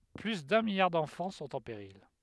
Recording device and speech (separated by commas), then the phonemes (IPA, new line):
headset microphone, read sentence
ply dœ̃ miljaʁ dɑ̃fɑ̃ sɔ̃t ɑ̃ peʁil